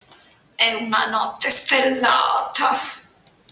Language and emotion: Italian, disgusted